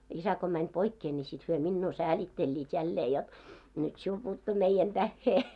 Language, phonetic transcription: Finnish, 'isä ko mäń 'poikkee ńi sit hyö "minnuu "säälitteĺĺiit jällee jot , » nyt "siul puuttu 'meijän 'tähhee « .
- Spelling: isä kun meni poikkeen niin sitten he minua säälittelivät jälleen jotta nyt sinulle puuttui meidän tähden

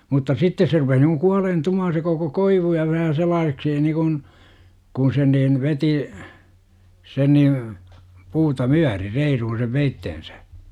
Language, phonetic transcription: Finnish, mutta "sittes se rupeh ni kuŋ 'kualeen'tumaa§n se koko "koivu ja vähä 'selaaseksi 'nikun , kun sen niin 'veti , sen niiv , 'puuta "myäri 'reiruhun̬ sev 'veitten̬sÄ .
- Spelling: mutta sitten se rupesi niin kuin kuoleentumaan se koko koivu ja vähän sellaiseksi niin kuin kun sen niin veti sen niin puuta myöten reiluun sen veitsensä

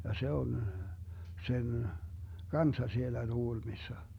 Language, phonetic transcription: Finnish, ja 'se on , 'sen , "kanssa 'siellä 'TuGulmissa .
- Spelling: ja se on sen kanssa siellä Tukholmassa

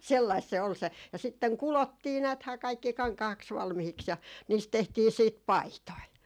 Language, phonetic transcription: Finnish, sellaist se ol se , ja sitteŋ "kulottii 'nääthää 'kaikki 'kaŋkahaks 'valmihiks ja , niist 'tehtii siit "paitoi .
- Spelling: sellaista se oli se ja sitten kudottiin näethän kaikki kankaaksi valmiiksi ja niistä tehtiin sitten paitoja

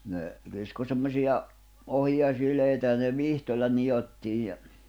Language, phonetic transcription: Finnish, ne , 'kisko semmośiʲa , 'ohiʲa 'silèitä ja ne "vihtoĺla 'nijottiij ja ,.
- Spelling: ne kiskoi semmoisia ohia sileitä ja ne vitsoilla nidottiin ja

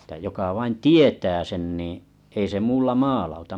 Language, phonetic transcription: Finnish, etᵃ̈ 'joka vain "tietää 'sen niiḭ , ei se 'muulla "maalauta .
- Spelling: että joka vain tietää sen niin ei se muulla maalauta

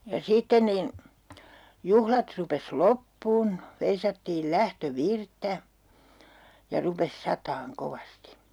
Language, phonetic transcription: Finnish, ja 'sitten nin , 'juhlat rupes "loppuun , 'veisattiil "lähtö"virttä , ja rupes 'sataaŋ 'kovasti .
- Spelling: ja sitten niin juhlat rupesi loppumaan veisattiin lähtövirttä ja rupesi satamaan kovasti

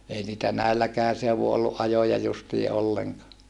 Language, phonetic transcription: Finnish, ei niitä näilläkään seuvu olluʼ ʼajoja justii ʼolleŋkaa .
- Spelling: ei niitä näilläkään seuduin ollut ajoja justiin ollenkaan

